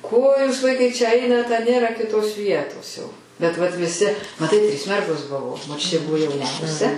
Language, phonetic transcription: Lithuanian, ko jūs ˈvaikai čia ˈainat a ˈnėra kiˈtos ˈvietos jau bet vat viˈsi maˈtai trys ˈmergos ˈbuvo moˈčiutė ˈbuvo jauˈniausia

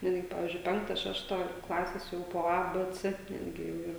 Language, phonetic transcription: Lithuanian, ˈnetgi ˈpavyzdžiui ˈpenkta ˈšešta ˈklasės ˈjau po ˈa ˈbɘ ˈcɘ ˈnetgi jau ˈyr

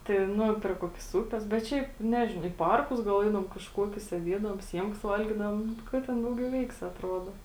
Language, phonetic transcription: Lithuanian, tai ˈnu pri ˈkuokis ˈūpes bet ˈšiaip ˈnežinau į ˈparkus gal ˈeidavom kažˈkuokius sėˈdiedavom ˈsiemkas ˈvalgidavom ˈka ten ˈdauˌgiau ˈveiksi atˈrodo

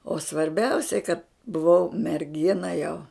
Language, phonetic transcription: Lithuanian, o svarˈbiausiai kad buˈvau merˈgina jau

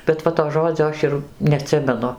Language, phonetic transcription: Lithuanian, bet ˈva to ˈžodzio ˈaš ir neaˈtsimenu

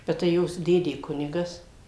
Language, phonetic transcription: Lithuanian, bet tai ˈjos ˈdėdė ˈkunigas

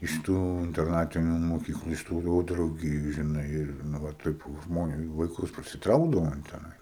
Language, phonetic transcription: Lithuanian, iš ˈtų interˈnatiniu moˈkyklu iš tų jau drauˈgijų žiˈnai ir nu ˈva toˈkių žmoˈnių vaiˈkus prisiˈtraukdavo in teˈnai

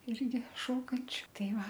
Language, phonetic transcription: Lithuanian, ˈirgi ˈšokančiu ˈtai ˈva

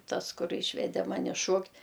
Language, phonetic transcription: Lithuanian, ˈtas ˈkur ˈyšvede ˈmani ˈšuokt'

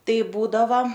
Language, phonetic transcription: Lithuanian, ˈtai ˈbūdava

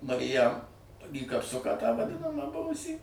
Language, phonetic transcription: Lithuanian, mariˈjam į kapˈsuką tą vaˈdinamą ˈbuvusį

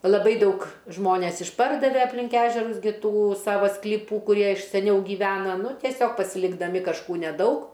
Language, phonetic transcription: Lithuanian, laˈbai ˈdaug ˈžmones išˈpardave aplink ˈežerus gi ˈtų ˈsava skliˈpų kuˈrie iš seˈniau gyˈvena ˈnu tieˈsiog pasilikdaˈmi kažˈkų neˈdaug

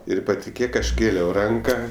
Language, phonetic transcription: Lithuanian, ˈir patiˈkėk ˈaš ˈkėliau ˈranka

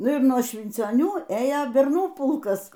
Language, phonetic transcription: Lithuanian, ˈnu ir nuo švincioˈnių ˈėjo berˈnų ˈpulkas

